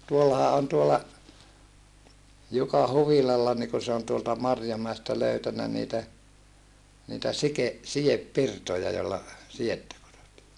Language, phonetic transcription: Finnish, tuollaha on tuolla , Juka huvilalla nii ku se on tuolta Marjomäestä löytänä niitä , niitä sike- , sijeppirtoja jolla , siʲettä (kudotaa) .
- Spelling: tuollahan on tuolla Jukan huvilalla niin kun se on tuolta Marjomäestä löytänyt niitä niitä - sidepirtoja jolla sidettä kudotaan

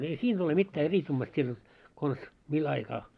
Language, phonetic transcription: Finnish, ei siin ‿ole mittää "eris'kummast siin jot , 'kons , 'mil ‿aikaa .
- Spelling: ei siinä ole mitään eriskummallista siinä jotta konsa millä aikaa

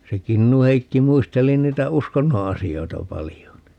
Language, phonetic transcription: Finnish, se 'Kinnuheikki 'muisteli 'niitä "uskonno 'asi₍oita 'palijo ni ?
- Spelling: se Kinnu-Heikki muisteli niitä uskonnon asioita paljon niin

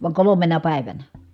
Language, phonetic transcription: Finnish, vaŋ kolomena pä̀i̮vänä .
- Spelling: vaan kolmena päivänä

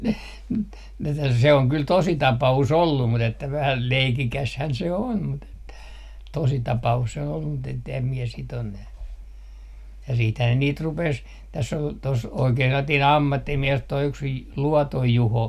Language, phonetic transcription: Finnish, m̥ , tä , se oŋ kyl "tosi 'tapa₍us "ollum 'mut ‿että 'vähäl "leikikäshän se "on , mut ‿että , tositapa₍us 'se on ollum mut ettem mie sit ‿on nä- , ja 'siithää ne 'niit 'rupes , täss ‿ol , tos 'oikee sellatii"n ‿ammattimiɛs toi yks J- , 'Luɔtoj 'Juho .
- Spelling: mm - se on kyllä tosi tapaus ollut mutta että vähän leikikäshän se on mutta että tositapaus se on ollut mutta että en minä sitä ole - ja sittenhän ne niitä rupesi tässä oli tuossa oikea sellainen ammattimies tuo yksi - Luoton Juho

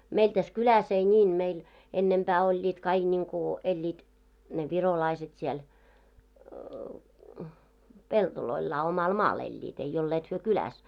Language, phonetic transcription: Finnish, meil täs 'kyläs ei ńiin 'meil , 'ennempää oĺĺiit kaiɢ 'niŋku , 'eĺĺiit , ne 'virolaiset siel , 'peltoloillaa 'omal "maal eĺĺiit , ei olleet hyö 'kyläs .
- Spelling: meillä tässä kylässä ei niin meillä ennempää olivat kaikki niin kuin elivät ne virolaiset siellä pelloillaan omalla maalla elivät ei olleet he kylässä

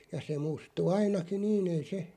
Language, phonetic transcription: Finnish, ja se 'mustu "ainakiⁿ 'niin ‿ei 'se ,.
- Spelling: ja se mustui ainakin niin ei se

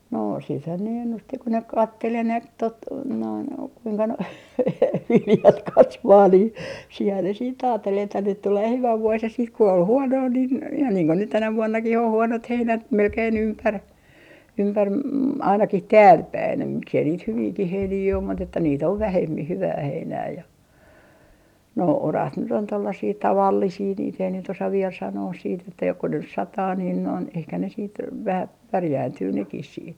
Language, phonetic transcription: Finnish, no siithän ne 'ennusti ko ne "kattel 'enemp tot , noin , kuiŋka noi 'viljat "kasvaa nii , siihää ne siit 'aattel ‿että nyt tulee 'hyvä 'vuos ja siit ku ol "huonoo nin , ihan niiŋ ko nyt 'tänä 'vuonnakih oh "huonot 'heinät melkein 'ympär , 'ympär ma- , ainakih "täälpäin ja miksei niit 'hyviikih 'heinii om mut ‿että niit ov "vähemmih 'hyvää 'heinää ja , noi , "oraat nyt ‿on 'tollasii "tavallisii niit ‿ei nyt ‿osa viel sanoos siit ‿että joko nys "sataa niin noin ehkä ne siit , 'vähä "pärjääntyy nekis siit .
- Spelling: no siitähän ne ennusti kun ne katseli enempi tuota noin kuinka nuo viljat kasvaa niin siinähän ne sitten ajatteli että nyt tulee hyvä vuosi ja sitten kun oli huonoa niin ihan niin kuin nyt tänä vuonnakin on huonot heinät melkein ympäri ympäri - ainakin täälläpäin ja miksi ei niitä hyviäkin heiniä ole mutta että niitä on vähemmin hyvää heinää ja nuo oraat nyt on tuollaisia tavallisia niitä ei nyt osaa vielä sanoa sitten että joko nyt sataa niin noin ehkä ne sitten vähän pärjääntyy nekin sitten

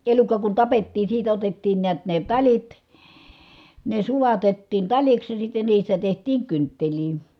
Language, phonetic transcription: Finnish, elukka kun tapettiin̬ siitä otettiin niät ne taĺit , ne sulatettiin taĺiks ja sitte niistä tehtiiŋ kynttelii .
- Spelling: elukka kun tapettiin siitä otettiin näet ne talit ne sulatettiin taliksi ja sitten niistä tehtiin kynttilöitä

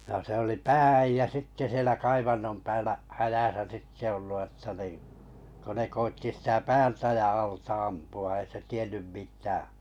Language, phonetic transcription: Finnish, no se oli "pää₍äijjä sitte 'sielä 'kaivannom 'päällä' , 'häjäsä sitte 'ollu ətta nii , ko ne 'koitti 'sitä "päältä ja 'alta 'ampu₍a ei se 'tien̆nym "mitää .
- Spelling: no se oli pää-äijä sitten siellä kaivannon päällä hädässä sitten ollut jotta niin kun ne koetti sitä päältä ja alta ampua ei se tiennyt mitään

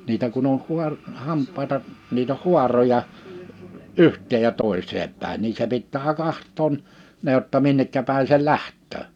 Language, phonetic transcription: Finnish, nitä kun ‿oh 'huar- , 'hamp̆paita , niit ‿oh 'hᴜaroja , "yhtteej ja 'tòiseep 'pä̀en nii se 'pittää 'kahttoon , ne ‿[j]otta "minnekkä 'pä̀in se "lähttöö .
- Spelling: niitä kun oli - hampaita niitä oli haaroja yhteen ja toiseen päin niin se pitää katsoa ne jotta minne päin se lähtee

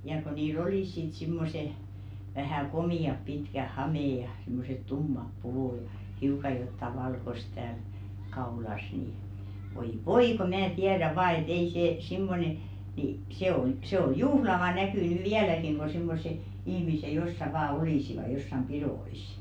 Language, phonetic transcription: Finnish, jà ko 'nii"l ‿olìs sit simmose , vähä̀ "komì₍ap 'pitkäh "hamè ja , simmoset "tummap 'puvù ᴊᴀ , 'hiuka jotta "valkos tääl , 'kaulas ni , voi "voi ko 'mää "tiädä vaa e't ‿ei see 'simmone , ni , 'se on , 'sĕ ‿o "juhlava 'näkỳ nỳ "viäläkiŋ ko 'simmose , ihmise "jossa vaa 'olìsiva jossam "piðò₍is̀ .
- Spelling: ja kun niillä olivat sitten semmoiset vähän komeat pitkät hameet ja semmoiset tummat puvut ja hiukan jotakin valkoista täällä kaulassa niin voi voi kun minä tiedän vain että ei se semmoinen niin se on se on juhlava näky nyt vieläkin kun semmoiset ihmiset jossakin vain olisivat jossakin pidoissa

